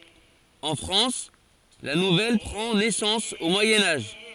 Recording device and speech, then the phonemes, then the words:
forehead accelerometer, read sentence
ɑ̃ fʁɑ̃s la nuvɛl pʁɑ̃ nɛsɑ̃s o mwajɛ̃ aʒ
En France, la nouvelle prend naissance au Moyen Âge.

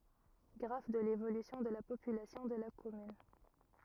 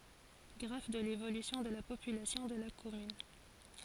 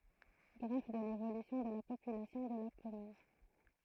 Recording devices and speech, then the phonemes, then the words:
rigid in-ear microphone, forehead accelerometer, throat microphone, read sentence
ɡʁaf də levolysjɔ̃ də la popylasjɔ̃ də la kɔmyn
Graphe de l'évolution de la population de la commune.

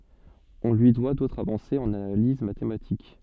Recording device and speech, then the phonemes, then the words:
soft in-ear microphone, read sentence
ɔ̃ lyi dwa dotʁz avɑ̃sez ɑ̃n analiz matematik
On lui doit d'autres avancées en analyse mathématique.

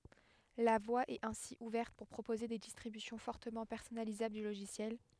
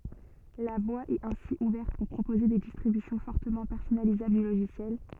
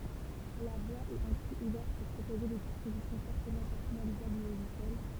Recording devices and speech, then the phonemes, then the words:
headset microphone, soft in-ear microphone, temple vibration pickup, read sentence
la vwa ɛt ɛ̃si uvɛʁt puʁ pʁopoze de distʁibysjɔ̃ fɔʁtəmɑ̃ pɛʁsɔnalizabl dy loʒisjɛl
La voie est ainsi ouverte pour proposer des distributions fortement personnalisables du logiciel.

